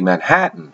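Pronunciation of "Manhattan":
'Manhattan' is said with the T dropped, in relaxed North American speech.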